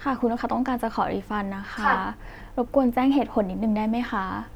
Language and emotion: Thai, neutral